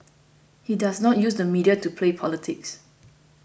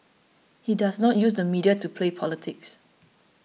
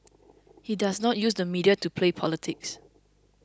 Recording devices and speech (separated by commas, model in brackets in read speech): boundary microphone (BM630), mobile phone (iPhone 6), close-talking microphone (WH20), read sentence